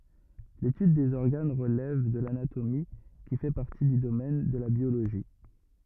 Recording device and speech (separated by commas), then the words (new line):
rigid in-ear microphone, read sentence
L'étude des organes relève de l'anatomie, qui fait partie du domaine de la biologie.